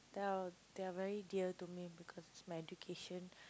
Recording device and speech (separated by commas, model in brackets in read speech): close-talking microphone, conversation in the same room